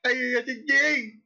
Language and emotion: Thai, happy